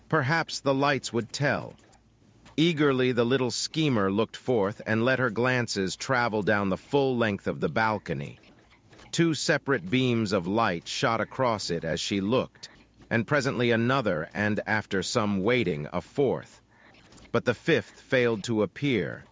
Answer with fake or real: fake